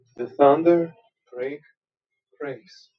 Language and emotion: English, sad